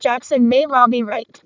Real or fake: fake